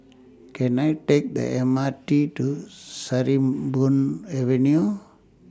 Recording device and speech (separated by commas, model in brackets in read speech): standing microphone (AKG C214), read sentence